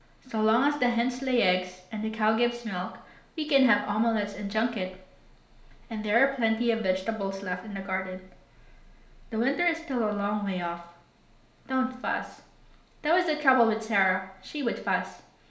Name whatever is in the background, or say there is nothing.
Nothing.